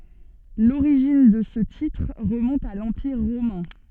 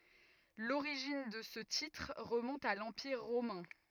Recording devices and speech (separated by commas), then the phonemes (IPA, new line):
soft in-ear microphone, rigid in-ear microphone, read sentence
loʁiʒin də sə titʁ ʁəmɔ̃t a lɑ̃piʁ ʁomɛ̃